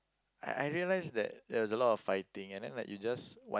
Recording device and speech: close-talking microphone, conversation in the same room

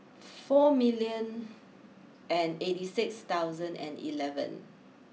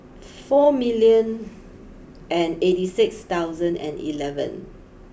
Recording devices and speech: mobile phone (iPhone 6), boundary microphone (BM630), read sentence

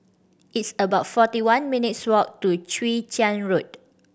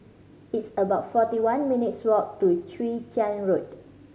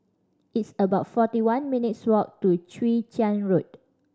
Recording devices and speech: boundary microphone (BM630), mobile phone (Samsung C5010), standing microphone (AKG C214), read sentence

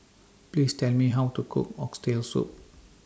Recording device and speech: standing microphone (AKG C214), read sentence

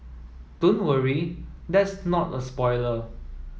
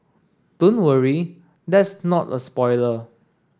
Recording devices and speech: mobile phone (iPhone 7), standing microphone (AKG C214), read sentence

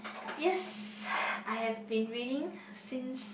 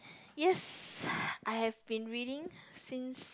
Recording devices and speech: boundary microphone, close-talking microphone, conversation in the same room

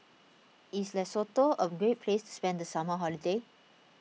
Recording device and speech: mobile phone (iPhone 6), read sentence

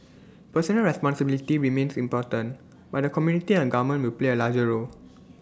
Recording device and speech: standing microphone (AKG C214), read sentence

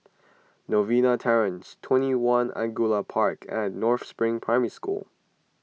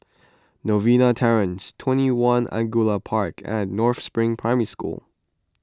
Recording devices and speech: mobile phone (iPhone 6), close-talking microphone (WH20), read sentence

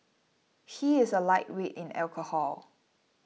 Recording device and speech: mobile phone (iPhone 6), read sentence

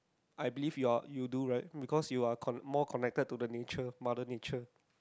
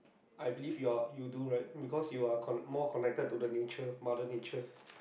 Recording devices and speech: close-talking microphone, boundary microphone, conversation in the same room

